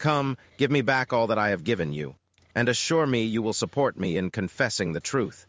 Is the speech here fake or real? fake